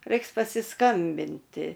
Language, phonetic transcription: Lithuanian, ˈraiks pasiskambinˈti

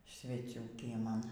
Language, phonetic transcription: Lithuanian, sveˈcių kieˈman

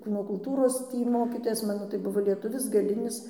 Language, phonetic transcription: Lithuanian, ˈkūno kulˈtūros ˈtį ˈmokytojas ˈmano tai ˈbuvo lieˈtuvis gaˈlinis

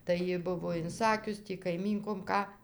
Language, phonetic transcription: Lithuanian, tai ˈji ˈbuvo inˈsakius ˈtį kaiˈmynkom ˈką

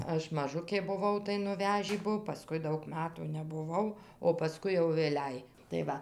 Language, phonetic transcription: Lithuanian, ˈaš maˈžukė buˈvau tai nuˈvežį ˈbuo paˈskui ˈdaug ˈmatų nebuˈvau o paˈskui jau vėˈliai tai ˈva

